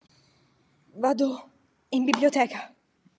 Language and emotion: Italian, fearful